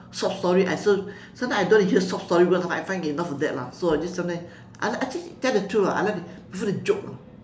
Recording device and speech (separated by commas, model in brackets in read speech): standing microphone, conversation in separate rooms